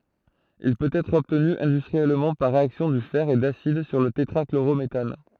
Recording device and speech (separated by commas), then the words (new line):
throat microphone, read sentence
Il peut être obtenu industriellement par réaction du fer et d'acide sur le tétrachlorométhane.